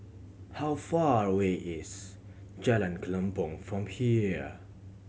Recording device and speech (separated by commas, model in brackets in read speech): mobile phone (Samsung C7100), read sentence